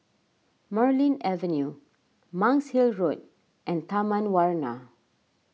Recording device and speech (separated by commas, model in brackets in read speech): mobile phone (iPhone 6), read sentence